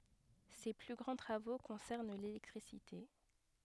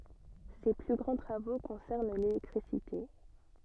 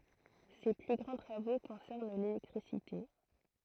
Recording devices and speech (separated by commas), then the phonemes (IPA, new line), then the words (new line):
headset microphone, soft in-ear microphone, throat microphone, read sentence
se ply ɡʁɑ̃ tʁavo kɔ̃sɛʁn lelɛktʁisite
Ses plus grands travaux concernent l'électricité.